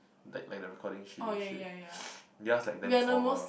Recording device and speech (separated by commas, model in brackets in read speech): boundary microphone, conversation in the same room